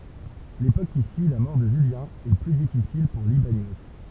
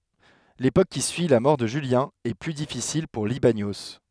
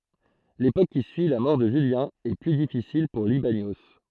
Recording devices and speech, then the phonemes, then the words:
temple vibration pickup, headset microphone, throat microphone, read sentence
lepok ki syi la mɔʁ də ʒyljɛ̃ ɛ ply difisil puʁ libanjo
L'époque qui suit la mort de Julien, est plus difficile pour Libanios.

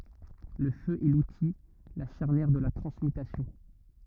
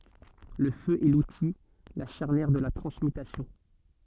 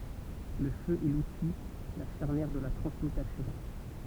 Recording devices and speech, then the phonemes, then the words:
rigid in-ear microphone, soft in-ear microphone, temple vibration pickup, read sentence
lə fø ɛ luti la ʃaʁnjɛʁ də la tʁɑ̃smytasjɔ̃
Le feu est l'outil, la charnière de la transmutation.

